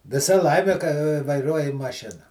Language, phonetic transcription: Lithuanian, viˈsa ˈlaimi ka vaiˈruoji maˈšina

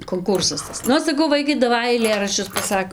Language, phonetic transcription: Lithuanian, konˈkursas ˈtas ˈnu saˈkau ˈvaikai daˈvai aiˈlėraščius paˈsak

